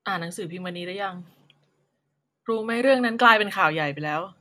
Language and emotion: Thai, neutral